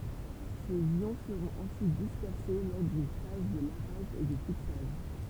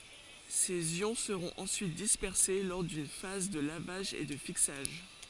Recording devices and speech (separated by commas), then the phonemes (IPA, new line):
temple vibration pickup, forehead accelerometer, read sentence
sez jɔ̃ səʁɔ̃t ɑ̃syit dispɛʁse lɔʁ dyn faz də lavaʒ e də fiksaʒ